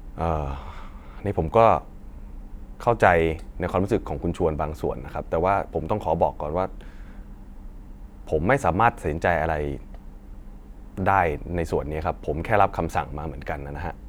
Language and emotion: Thai, sad